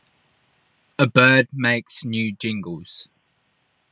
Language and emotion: English, neutral